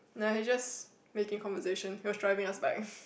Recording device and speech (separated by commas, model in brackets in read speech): boundary microphone, conversation in the same room